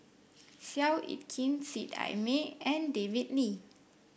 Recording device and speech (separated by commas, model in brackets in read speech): boundary microphone (BM630), read sentence